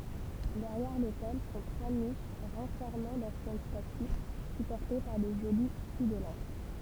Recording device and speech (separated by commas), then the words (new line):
temple vibration pickup, read sentence
Derrière l’autel sont trois niches renfermant d’anciennes statues supportées par de jolis culs-de-lampes.